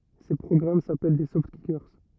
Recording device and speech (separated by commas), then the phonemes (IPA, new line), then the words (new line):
rigid in-ear microphone, read sentence
se pʁɔɡʁam sapɛl de sɔftkike
Ces programmes s'appellent des Softkickers.